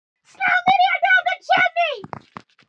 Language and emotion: English, surprised